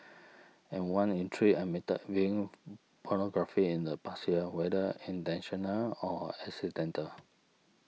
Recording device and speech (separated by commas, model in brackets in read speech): mobile phone (iPhone 6), read sentence